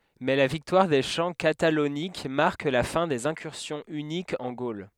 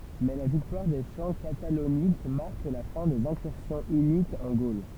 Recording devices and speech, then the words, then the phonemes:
headset microphone, temple vibration pickup, read sentence
Mais la victoire des champs Catalauniques marque la fin des incursions hunniques en Gaule.
mɛ la viktwaʁ de ʃɑ̃ katalonik maʁk la fɛ̃ dez ɛ̃kyʁsjɔ̃ ynikz ɑ̃ ɡol

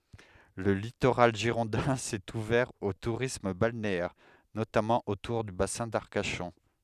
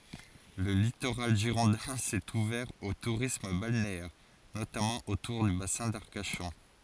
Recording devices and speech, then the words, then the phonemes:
headset microphone, forehead accelerometer, read sentence
Le littoral girondin s'est ouvert au tourisme balnéaire, notamment autour du bassin d'Arcachon.
lə litoʁal ʒiʁɔ̃dɛ̃ sɛt uvɛʁ o tuʁism balneɛʁ notamɑ̃ otuʁ dy basɛ̃ daʁkaʃɔ̃

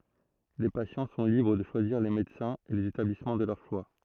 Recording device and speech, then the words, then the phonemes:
throat microphone, read sentence
Les patients sont libres de choisir les médecins et les établissements de leur choix.
le pasjɑ̃ sɔ̃ libʁ də ʃwaziʁ le medəsɛ̃z e lez etablismɑ̃ də lœʁ ʃwa

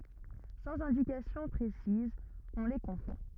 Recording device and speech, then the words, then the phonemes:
rigid in-ear microphone, read sentence
Sans indications précises, on les confond.
sɑ̃z ɛ̃dikasjɔ̃ pʁesizz ɔ̃ le kɔ̃fɔ̃

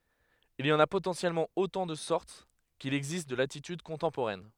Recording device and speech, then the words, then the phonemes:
headset microphone, read sentence
Il y en a potentiellement autant de sortes qu'il existe de latitudes contemporaines.
il i ɑ̃n a potɑ̃sjɛlmɑ̃ otɑ̃ də sɔʁt kil ɛɡzist də latityd kɔ̃tɑ̃poʁɛn

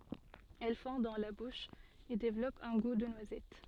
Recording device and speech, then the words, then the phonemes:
soft in-ear microphone, read sentence
Elle fond dans la bouche, et développe un goût de noisette.
ɛl fɔ̃ dɑ̃ la buʃ e devlɔp œ̃ ɡu də nwazɛt

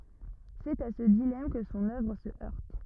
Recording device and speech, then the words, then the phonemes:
rigid in-ear microphone, read sentence
C'est à ce dilemme que son œuvre se heurte.
sɛt a sə dilam kə sɔ̃n œvʁ sə œʁt

